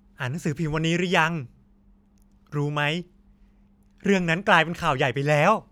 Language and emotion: Thai, happy